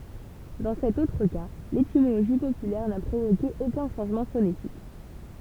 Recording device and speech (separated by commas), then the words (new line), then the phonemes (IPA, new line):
temple vibration pickup, read sentence
Dans cet autre cas, l'étymologie populaire n'a provoqué aucun changement phonétique.
dɑ̃ sɛt otʁ ka letimoloʒi popylɛʁ na pʁovoke okœ̃ ʃɑ̃ʒmɑ̃ fonetik